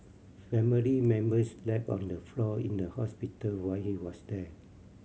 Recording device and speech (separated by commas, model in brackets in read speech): mobile phone (Samsung C7100), read sentence